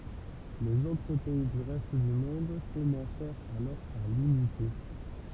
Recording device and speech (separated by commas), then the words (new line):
temple vibration pickup, read sentence
Les autres pays du reste du monde commencèrent alors à l'imiter.